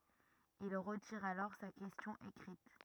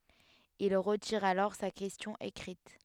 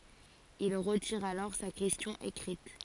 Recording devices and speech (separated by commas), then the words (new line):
rigid in-ear microphone, headset microphone, forehead accelerometer, read sentence
Il retire alors sa question écrite.